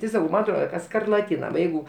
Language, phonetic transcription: Lithuanian, ti ˈsakau ˈman atˈroda ka skarlaˈtyna nu ˈjeigu

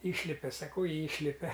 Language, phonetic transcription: Lithuanian, ˈyšlipe saˈkau ˈyšlipe

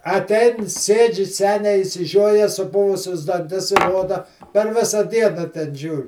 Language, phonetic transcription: Lithuanian, aˈtein ˈsėdži ˈseniai išsiˈžioje suˈpuvusius danˈtis ˈroda per ˈvisa ˈdiena ten ˈžiūr'

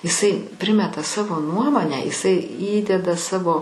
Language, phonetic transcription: Lithuanian, iˈsai ˈprimeta ˈsavo ˈnuomonę iˈsai ˈįdeda ˈsavo

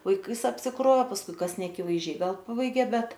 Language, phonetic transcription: Lithuanian, vaiˈkais apsiˈkrov pasˈkui ˈkas neakivaizˈdžiai ˈgal ˈpabaigė ˈbet

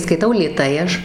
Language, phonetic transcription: Lithuanian, skaiˈtau lėˈtai ˈaš

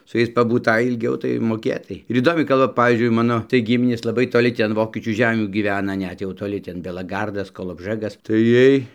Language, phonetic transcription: Lithuanian, su ˈjais pabūˈtai ilˈgiau tai moˈkėtai ir įˈdomiai ˈkalba ˈpavyzdžiui ˈmano tai ˈgiminės laˈbai toˈli toˈli tį anˈvokiečių ˈžemių gyˈvena ˈnet jau toˈli ˈten belaˈgardas kolobˈžɘgas tai ˈjiej

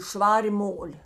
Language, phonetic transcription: Lithuanian, ˈšvarė ˈmolė

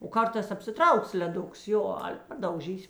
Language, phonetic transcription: Lithuanian, o ˈkartās apsiˈtrauks leˈduks ˈjo ˈale padauˈžys'

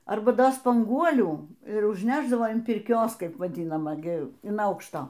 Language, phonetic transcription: Lithuanian, ˈarba ˈdo spanˈguolių ir užnešˈdavo an pirˈkios ˈkaip vaˈdinama ˈgi in ˈaukšto

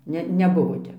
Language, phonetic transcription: Lithuanian, ˈne neˈbuvo ˈtep

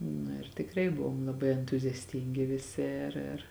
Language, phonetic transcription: Lithuanian, ˈnu ir tikˈrai ˈbuvom laˈbai entuziasˈtingi viˈsi ir ir

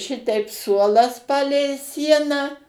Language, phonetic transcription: Lithuanian, ˈšiteip ˈsuolas ˈpalei ˈsieną

